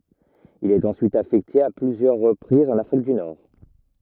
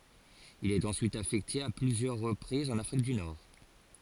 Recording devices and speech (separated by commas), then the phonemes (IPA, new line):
rigid in-ear microphone, forehead accelerometer, read sentence
il ɛt ɑ̃syit afɛkte a plyzjœʁ ʁəpʁizz ɑ̃n afʁik dy nɔʁ